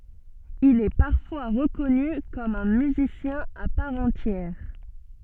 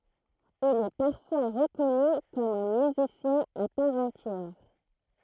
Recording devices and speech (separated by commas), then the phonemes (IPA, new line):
soft in-ear microphone, throat microphone, read sentence
il ɛ paʁfwa ʁəkɔny kɔm œ̃ myzisjɛ̃ a paʁ ɑ̃tjɛʁ